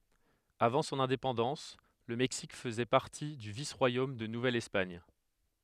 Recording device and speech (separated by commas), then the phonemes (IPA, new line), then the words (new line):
headset microphone, read sentence
avɑ̃ sɔ̃n ɛ̃depɑ̃dɑ̃s lə mɛksik fəzɛ paʁti dy vis ʁwajom də nuvɛl ɛspaɲ
Avant son indépendance, le Mexique faisait partie du vice-royaume de Nouvelle-Espagne.